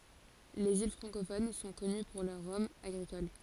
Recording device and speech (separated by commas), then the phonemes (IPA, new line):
forehead accelerometer, read sentence
lez il fʁɑ̃kofon sɔ̃ kɔny puʁ lœʁ ʁɔmz aɡʁikol